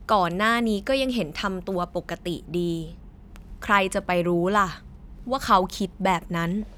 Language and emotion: Thai, neutral